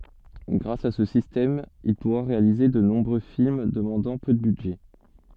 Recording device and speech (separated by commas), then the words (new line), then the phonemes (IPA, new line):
soft in-ear microphone, read sentence
Grâce à ce système, il pourra réaliser de nombreux films demandant peu de budget.
ɡʁas a sə sistɛm il puʁa ʁealize də nɔ̃bʁø film dəmɑ̃dɑ̃ pø də bydʒɛ